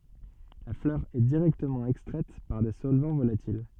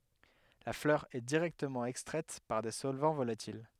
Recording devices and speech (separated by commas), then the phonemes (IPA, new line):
soft in-ear microphone, headset microphone, read sentence
la flœʁ ɛ diʁɛktəmɑ̃ ɛkstʁɛt paʁ de sɔlvɑ̃ volatil